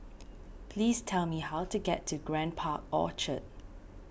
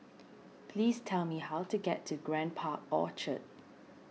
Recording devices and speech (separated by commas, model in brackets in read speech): boundary microphone (BM630), mobile phone (iPhone 6), read sentence